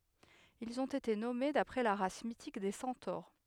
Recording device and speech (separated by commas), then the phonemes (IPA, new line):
headset microphone, read sentence
ilz ɔ̃t ete nɔme dapʁɛ la ʁas mitik de sɑ̃toʁ